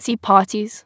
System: TTS, waveform concatenation